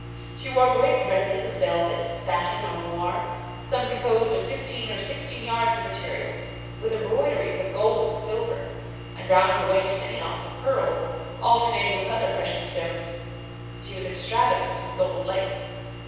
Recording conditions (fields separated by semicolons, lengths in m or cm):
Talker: one person; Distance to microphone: 7.1 m; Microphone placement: far; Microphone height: 1.7 m; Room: very reverberant, large; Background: none